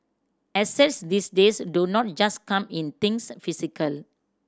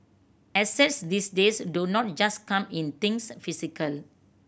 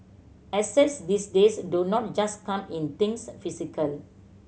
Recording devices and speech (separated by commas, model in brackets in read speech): standing microphone (AKG C214), boundary microphone (BM630), mobile phone (Samsung C7100), read sentence